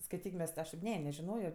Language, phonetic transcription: Lithuanian, skaiˈtyk ˈmes ti ˈaš tėp ˈne nežiˈnojo

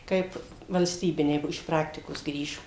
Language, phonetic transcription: Lithuanian, ˈkaip valsˈtybiniai ˈbuo iš ˈpraktikos ˈgrįžo

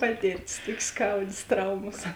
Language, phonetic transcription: Lithuanian, ˈpatirˌtis ˈtokė ˈskaudės ˈtraumos

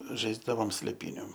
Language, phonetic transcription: Lithuanian, ˈžaisdavom slėˈpyniu

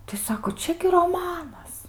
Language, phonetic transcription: Lithuanian, tai ˈsako ˈčia gi roˈmanas

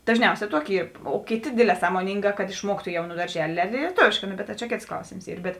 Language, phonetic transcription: Lithuanian, dažˈniausē ˈtuoki ˈyr o ˈkėˌtė ˈdėdˌlē samoˈnyngā kad išˈmuoktu ˈjau nu darˈželė lieˈtovėškā ˈno bet ta čia ˈkėts ˈklausėms ˈyr bet

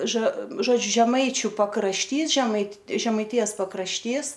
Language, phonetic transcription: Lithuanian, ža žoˈdžiu žeˈmaičiu pakrašˈtys žemait žemaiˈtijas pakrašˈtys

